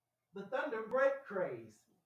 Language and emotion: English, happy